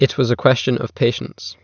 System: none